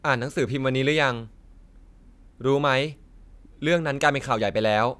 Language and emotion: Thai, frustrated